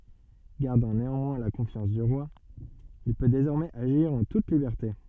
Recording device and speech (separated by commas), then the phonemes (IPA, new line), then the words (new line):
soft in-ear microphone, read sentence
ɡaʁdɑ̃ neɑ̃mwɛ̃ la kɔ̃fjɑ̃s dy ʁwa il pø dezɔʁmɛz aʒiʁ ɑ̃ tut libɛʁte
Gardant néanmoins la confiance du roi, il peut désormais agir en toute liberté.